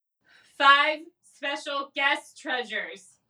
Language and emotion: English, fearful